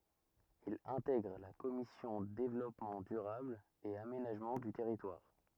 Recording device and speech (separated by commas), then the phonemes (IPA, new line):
rigid in-ear microphone, read sentence
il ɛ̃tɛɡʁ la kɔmisjɔ̃ devlɔpmɑ̃ dyʁabl e amenaʒmɑ̃ dy tɛʁitwaʁ